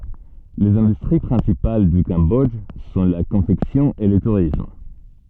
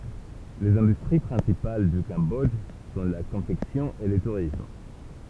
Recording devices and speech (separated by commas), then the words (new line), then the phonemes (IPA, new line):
soft in-ear microphone, temple vibration pickup, read sentence
Les industries principales du Cambodge sont la confection et le tourisme.
lez ɛ̃dystʁi pʁɛ̃sipal dy kɑ̃bɔdʒ sɔ̃ la kɔ̃fɛksjɔ̃ e lə tuʁism